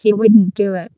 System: VC, vocoder